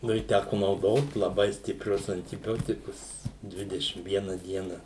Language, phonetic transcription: Lithuanian, ˈnu i ˈtæku nauˈdot laˈbai stipˈrius antiˈbiotikus ˈdvidešim ˈviena ˈdiena

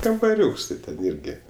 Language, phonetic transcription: Lithuanian, kambaˈriūks ti ˈten ˈirgi

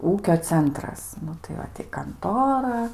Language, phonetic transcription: Lithuanian, ˈūkio ˈcentras ˈnu tai ˈva ti kanˈtora

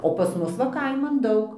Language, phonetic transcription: Lithuanian, o ˈpas ˈmus va ˈkaiman ˈdaug

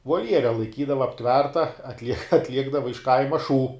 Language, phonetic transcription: Lithuanian, volˈjere laiˈkydava apˈtverta atˈliek atˈliekdava iš ˈkaima šū

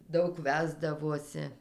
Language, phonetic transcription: Lithuanian, ˈdaug ˈvesdavosi

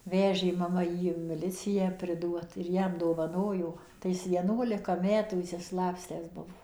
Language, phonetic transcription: Lithuanian, ˈvežė maˈma ˈjį in miˈliciją priˈduot ir ˈjam dovaˈnojo tai ˈjis vieˈnuolika ˈmetų išsiˈslapstęs ˈbuvo

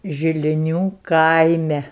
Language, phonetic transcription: Lithuanian, žiliˈnių ˈkaime

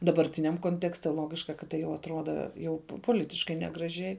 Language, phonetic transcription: Lithuanian, dabarˈtiniam konˈtekste ˈlogiška kad ˈtai jau atˈruoda ˈjau poˈlitiškai negraˈžiai

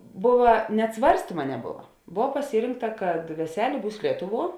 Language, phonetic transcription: Lithuanian, ˈbova net ˈsvarstyma neˈbova ˈbov paˈsyrinkta kad veˈselė ˈbūs ˈlietuˌvuo

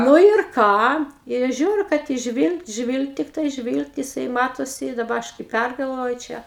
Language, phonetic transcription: Lithuanian, ˈnu ir ˈką i ˈaš ˈžiūriu kad jis ˈžvylgt ˈžvylgt tikˈtai ˈžvylgt jiˈsai ˈmatosi i daˈba ˈaš kai ˈpærgalvoju ˈčia

